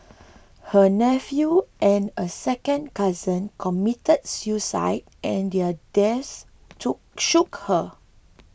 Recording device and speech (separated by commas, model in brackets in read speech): boundary microphone (BM630), read sentence